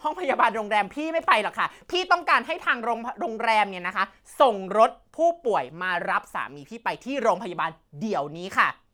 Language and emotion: Thai, angry